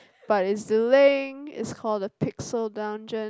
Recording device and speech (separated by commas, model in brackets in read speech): close-talking microphone, conversation in the same room